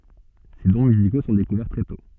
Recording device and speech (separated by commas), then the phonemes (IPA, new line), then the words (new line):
soft in-ear microphone, read sentence
se dɔ̃ myziko sɔ̃ dekuvɛʁ tʁɛ tɔ̃
Ses dons musicaux sont découverts très tôt.